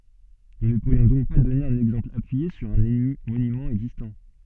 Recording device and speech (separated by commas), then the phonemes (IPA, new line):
soft in-ear microphone, read sentence
nu nə puʁjɔ̃ dɔ̃k dɔne œ̃n ɛɡzɑ̃pl apyije syʁ œ̃ monymɑ̃ ɛɡzistɑ̃